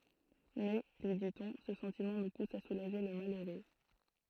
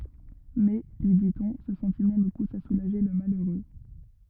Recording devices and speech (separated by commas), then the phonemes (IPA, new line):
throat microphone, rigid in-ear microphone, read sentence
mɛ lyi ditɔ̃ sə sɑ̃timɑ̃ nu pus a sulaʒe lə maløʁø